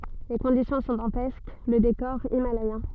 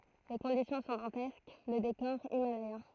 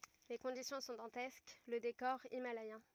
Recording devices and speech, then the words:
soft in-ear microphone, throat microphone, rigid in-ear microphone, read sentence
Les conditions sont dantesques, le décor himalayen.

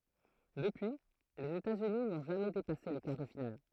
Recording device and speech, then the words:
throat microphone, read sentence
Depuis, les États-Unis n'ont jamais dépassé les quarts de finale.

